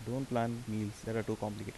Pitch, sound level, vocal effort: 115 Hz, 79 dB SPL, soft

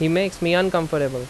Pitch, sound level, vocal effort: 170 Hz, 86 dB SPL, loud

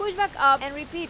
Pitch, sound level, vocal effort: 325 Hz, 97 dB SPL, very loud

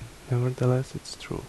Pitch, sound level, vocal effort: 125 Hz, 70 dB SPL, soft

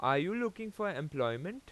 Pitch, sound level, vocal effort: 195 Hz, 92 dB SPL, loud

